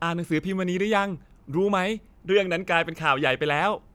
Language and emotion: Thai, happy